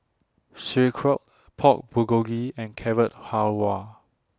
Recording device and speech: standing microphone (AKG C214), read sentence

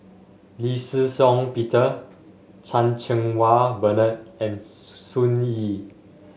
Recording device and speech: mobile phone (Samsung S8), read sentence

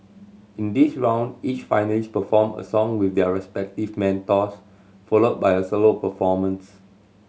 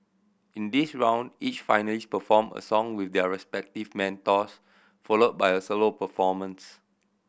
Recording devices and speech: mobile phone (Samsung C7100), boundary microphone (BM630), read sentence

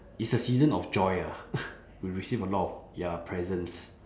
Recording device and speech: standing microphone, conversation in separate rooms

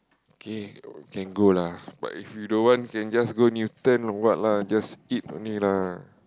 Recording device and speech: close-talking microphone, conversation in the same room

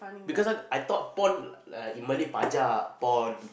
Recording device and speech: boundary microphone, conversation in the same room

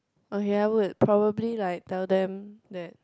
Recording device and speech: close-talking microphone, conversation in the same room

